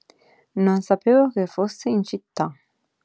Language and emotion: Italian, neutral